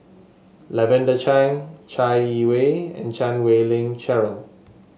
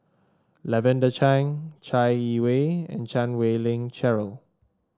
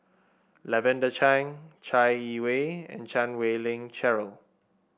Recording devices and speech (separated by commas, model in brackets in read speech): mobile phone (Samsung S8), standing microphone (AKG C214), boundary microphone (BM630), read sentence